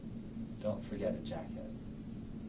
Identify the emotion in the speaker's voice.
neutral